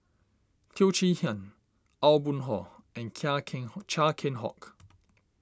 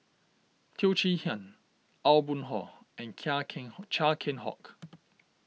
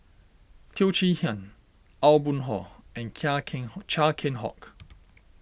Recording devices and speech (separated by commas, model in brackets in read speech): standing microphone (AKG C214), mobile phone (iPhone 6), boundary microphone (BM630), read sentence